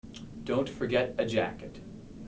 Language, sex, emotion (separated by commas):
English, male, neutral